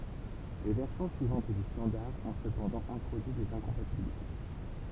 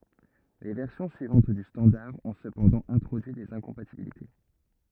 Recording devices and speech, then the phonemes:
temple vibration pickup, rigid in-ear microphone, read sentence
le vɛʁsjɔ̃ syivɑ̃t dy stɑ̃daʁ ɔ̃ səpɑ̃dɑ̃ ɛ̃tʁodyi dez ɛ̃kɔ̃patibilite

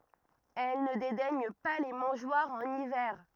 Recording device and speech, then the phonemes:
rigid in-ear microphone, read sentence
ɛl nə dedɛɲ pa le mɑ̃ʒwaʁz ɑ̃n ivɛʁ

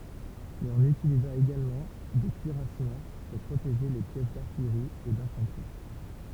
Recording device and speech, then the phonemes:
temple vibration pickup, read sentence
mɛz ɔ̃n ytiliza eɡalmɑ̃ de kyiʁasmɑ̃ puʁ pʁoteʒe le pjɛs daʁtijʁi e dɛ̃fɑ̃tʁi

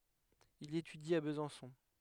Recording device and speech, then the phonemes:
headset microphone, read sentence
il etydi a bəzɑ̃sɔ̃

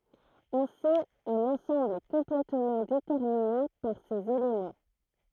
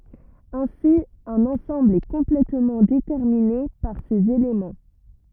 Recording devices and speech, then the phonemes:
throat microphone, rigid in-ear microphone, read sentence
ɛ̃si œ̃n ɑ̃sɑ̃bl ɛ kɔ̃plɛtmɑ̃ detɛʁmine paʁ sez elemɑ̃

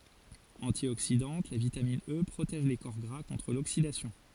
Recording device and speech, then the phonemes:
forehead accelerometer, read sentence
ɑ̃tjoksidɑ̃t la vitamin ə pʁotɛʒ le kɔʁ ɡʁa kɔ̃tʁ loksidasjɔ̃

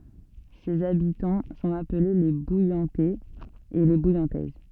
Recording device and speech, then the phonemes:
soft in-ear microphone, read sentence
sez abitɑ̃ sɔ̃t aple le bujɑ̃tɛz e le bujɑ̃tɛz

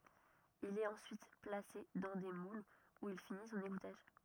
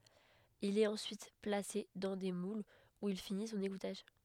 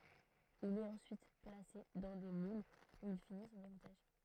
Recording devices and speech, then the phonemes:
rigid in-ear microphone, headset microphone, throat microphone, read sentence
il ɛt ɑ̃syit plase dɑ̃ de mulz u il fini sɔ̃n eɡutaʒ

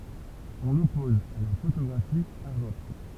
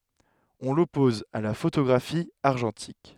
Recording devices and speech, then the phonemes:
temple vibration pickup, headset microphone, read sentence
ɔ̃ lɔpɔz a la fotoɡʁafi aʁʒɑ̃tik

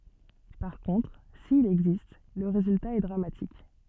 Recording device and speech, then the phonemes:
soft in-ear microphone, read sentence
paʁ kɔ̃tʁ sil ɛɡzist lə ʁezylta ɛ dʁamatik

